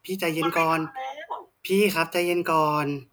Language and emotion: Thai, neutral